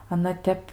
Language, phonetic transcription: Lithuanian, aˈna ˈtep

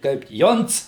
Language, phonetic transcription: Lithuanian, ˈkaip ˈjonc

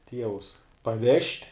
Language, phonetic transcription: Lithuanian, ˈtievus paˈvežt'

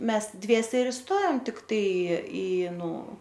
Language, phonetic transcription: Lithuanian, ˈmes ˈdviese ir iˈstojom tikˈtai i ˈnu

